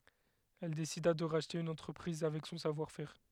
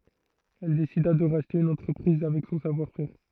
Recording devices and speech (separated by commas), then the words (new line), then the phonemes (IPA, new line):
headset microphone, throat microphone, read sentence
Elle décida de racheter une entreprise avec son savoir-faire.
ɛl desida də ʁaʃte yn ɑ̃tʁəpʁiz avɛk sɔ̃ savwaʁ fɛʁ